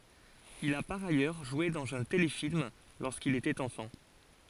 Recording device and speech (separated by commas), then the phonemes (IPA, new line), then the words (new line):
forehead accelerometer, read sentence
il a paʁ ajœʁ ʒwe dɑ̃z œ̃ telefilm loʁskil etɛt ɑ̃fɑ̃
Il a par ailleurs joué dans un téléfilm lorsqu'il était enfant.